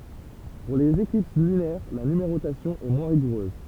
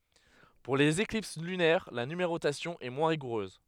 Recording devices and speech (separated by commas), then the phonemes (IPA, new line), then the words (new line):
temple vibration pickup, headset microphone, read sentence
puʁ lez eklips lynɛʁ la nymeʁotasjɔ̃ ɛ mwɛ̃ ʁiɡuʁøz
Pour les éclipses lunaires, la numérotation est moins rigoureuse.